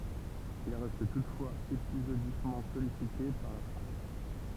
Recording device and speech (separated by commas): temple vibration pickup, read sentence